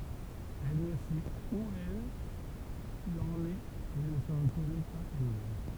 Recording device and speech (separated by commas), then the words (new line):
temple vibration pickup, read sentence
Elle ne sait où elle en est et ne se reconnaît pas elle-même.